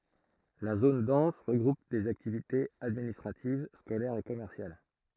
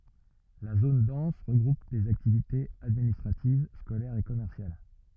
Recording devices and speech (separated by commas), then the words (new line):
throat microphone, rigid in-ear microphone, read sentence
La zone dense regroupe les activités administratives, scolaires et commerciales.